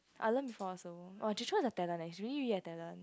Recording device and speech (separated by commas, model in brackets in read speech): close-talking microphone, conversation in the same room